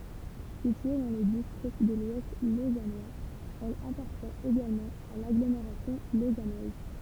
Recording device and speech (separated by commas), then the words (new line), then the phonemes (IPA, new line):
temple vibration pickup, read sentence
Située dans le district de l'Ouest lausannois, elle appartient également à l'agglomération lausannoise.
sitye dɑ̃ lə distʁikt də lwɛst lozanwaz ɛl apaʁtjɛ̃t eɡalmɑ̃ a laɡlomeʁasjɔ̃ lozanwaz